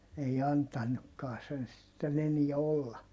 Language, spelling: Finnish, ei antanutkaan sen sitten enää olla
- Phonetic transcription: ei antanukkaa sen sitten ‿eniɛ olla .

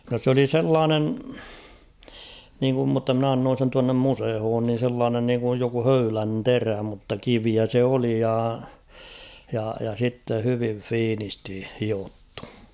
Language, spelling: Finnish, no se oli sellainen niin kuin mutta minä annoin sen tuonne museoon niin sellainen niin kuin joku höylän terä mutta kiveä se oli ja ja ja sitten hyvin fiinisti hiottu
- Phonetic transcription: no s ‿oli "sellaanen , niiŋkum mutta 'mn ‿annoon̬ sen tuannem 'musehoon nin̬ sellaanen niiŋkuj joku 'höylän "terä mutta "kiviä se 'oli ja , ja , ja 'sitte hyvin̳ "fiinisti 'hiottᴜ .

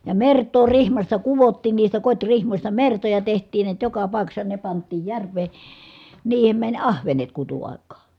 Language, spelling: Finnish, ja mertaa rihmasta kudottiin niistä kotirihmoista mertoja tehtiin näet joka paikassa ne pantiin järveen niihin meni ahvenet kutuaikaan
- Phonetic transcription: ja mert̀oo rihmasta kuvottiin niistä kot́rihmośta mertoja teht̀iin niät joka pài̮kassa ne pant̆tiij järv̀ee , niihem mäń ahvenet kutu₍ài̮k̆kaa .

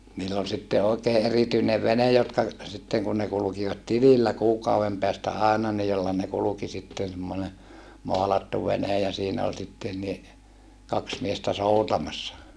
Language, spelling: Finnish, niillä oli sitten oikein erityinen vene jotka sitten kun ne kulkivat tilillä kuukauden päästä aina niin jolla ne kulki sitten semmoinen maalattu vene ja siinä oli sitten niin kaksi miestä soutamassa
- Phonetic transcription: niill ‿ol sitte òekee ʼerityinev venej jotka , sitteŋ kun ne kulukivat tilillä kuukauvem peästä àena ni jolla ne kuluki sitten̬ semmone , moalattu venej ja siinä ol sitten ni , kaks miestä soutamassa .

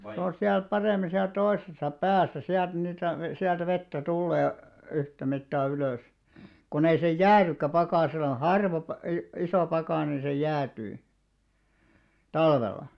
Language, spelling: Finnish, se on siellä paremmin siellä toisessa päässä sieltä niitä - sieltä vettä tulee yhtä mittaa ylös kun ei se jäädykään pakkasella - - iso pakkanen niin se jäätyy talvella
- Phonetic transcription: 'se on̬ 'siäl 'paremi "siäl 'toisesa "pääsä , 'siält niitä ve- , siältä 'vettä "tullee , 'yhtä 'mittaa 'ylö̀s , kun ‿ei se "jäärykkä 'pakàsela , "harvop- , i- 'isò 'pakàne ni se "jäätyy , "talvella .

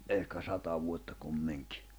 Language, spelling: Finnish, ehkä sata vuotta kumminkin
- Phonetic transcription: ehkä 'sata vuotta 'kummiŋkɪ .

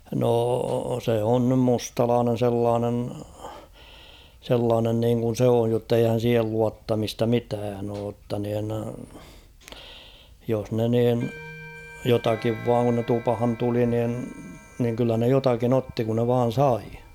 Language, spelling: Finnish, no se on nyt mustalainen sellainen sellainen niin kuin se on jotta eihän siihen luottamista mitään ole jotta niin jos ne niin jotakin vain kun ne tupaan tuli niin niin kyllä ne jotakin otti kun ne vain sai
- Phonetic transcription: noo se 'on nym "mustalaanen̬ 'sellaanen , 'sellaanen niiŋkun̬ 's ‿ooj jotteihän̬ 'siihel 'luattamista "mitään ‿oo ‿tta nin , jos 'ne niin , 'jotakiv 'vaaŋ kun ne 'tupᵃhan 'tuli nin , niŋ kyllä ne 'jotakin ‿"otti kun ne 'vaan̬ "sai .

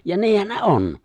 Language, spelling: Finnish, ja niinhän ne on
- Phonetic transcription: ja 'niihän ne "’on .

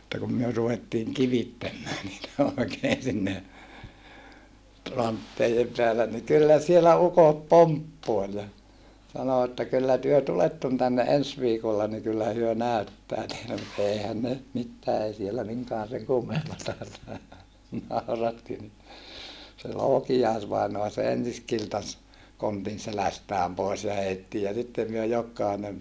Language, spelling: Finnish, mutta kun me ruvettiin kivittämään niitä oikein sinne rantteiden päällä niin kyllä siellä ukot pomppoili ja sanoi että kyllä te tulette tänne ensi viikolla niin kyllä he näyttää teille mutta eihän ne nyt mitään ei siellä minkään sen kummempaa nauratti niin se Loukiais-vainaa se ensin kiltasi kontin selästään pois ja heitti ja sitten me jokainen
- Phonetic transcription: [mut]ta kum myö ruvettiiŋ kivittämmää niitä òikeen sinne , rantteijem peälä ni kyllä sielä ukot poamppoel ja , sano että » kyllä työ tuletton tänne ens viikolla ni kyllä hyö nä̀yttää teile » mut eihän ne nʸt mittää ei siellä miŋkaan seŋ kummempata , nàuratti ni , se Lookijais-vainoa se ensis kiltas , kontin selästääm pòis ja heitti ja sitte myö jok̆kainen ,.

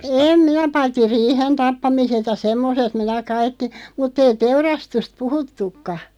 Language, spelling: Finnish, en minä paitsi riihen tappamiset ja semmoiset minä kaikki mutta ei teurastusta puhuttukaan
- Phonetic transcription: em 'minä 'paitti 'riihen "tappamiset ja "semmoset 'minä 'kaikki , 'mutt ‿ei 'teurastust "puhuttukka .

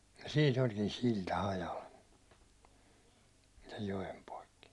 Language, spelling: Finnish, ja siinä olikin silta hajalla sen joen poikki
- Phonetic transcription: ja "siin ‿olkin "silta hajal , sej 'jojem poikki .

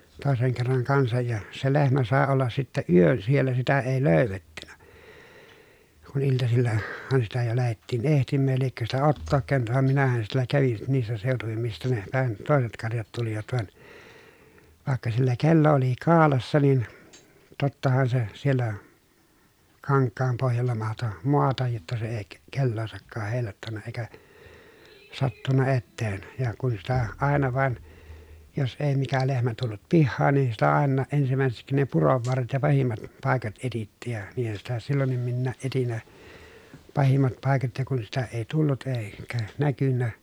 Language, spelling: Finnish, toisen kerran kanssa ja se lehmä sai olla sitten yön siellä sitä ei - löydetty kun - iltasillahan sitä jo lähdettiin etsimään ja liekö sitä Ottoa käynyt vaan minähän siellä kävin niissä seutuvin mistä - nepähän toiset karjat tulivat vaan vaikka sillä kello oli kaulassa niin tottahan se siellä kankaan pohjalla mahtoi maata jotta se ei - kelloansakaan heilauttanut eikä sattunut eteen ja kun sitä aina vain jos ei mikä lehmä tullut pihaan niin sitä aina ensimmäiseksi ne puron varret ja pahimmat paikat etsittiin ja niinhän sitä silloinkin minäkin etsin ne pahimmat paikat ja kun sitä ei tullut - eikä näkynyt
- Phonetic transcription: tòeseŋ kerraŋ kansaj ja , se lehmä sàe ollas sittä yön siellä sitä èi lö̀y̬ve ttynä , kun iltasilla- , -han sitä jo lähettiin ehtimmääj ja liekkö sitä Ottook kä̀önyt vam minähän siellä kävin niissä sèotuvim mistä ne- , -pähän tòeset karjat tulivat van , vàekka sillä kello oli kaalassa nin , tottahan se , siellä , kaŋkkaam pohjalla mahto , moataj jotta se èi ke- , kelloosakkaah hèi̮l̆làottanna eⁱkä , sattunna etteen , ja kun sitä , àena vàen , jos èi mikä lehmä tullut pihhaan nin sitä àennaa ʼensimä̀eseksi ne purov varret ja pahimmat , pàekat etittiij ja , niihän sitä sillonnim minnääʼ ʼetin ne , pahimmat pài̮kat ja kun sitä èi tullut èi- , -kä näkynnä ,.

